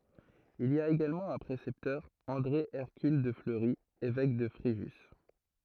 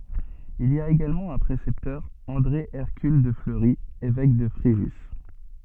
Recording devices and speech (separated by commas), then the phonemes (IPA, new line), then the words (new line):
throat microphone, soft in-ear microphone, read sentence
il i a eɡalmɑ̃ œ̃ pʁesɛptœʁ ɑ̃dʁe ɛʁkyl də fləʁi evɛk də fʁeʒys
Il y a également un précepteur, André Hercule de Fleury, évêque de Fréjus.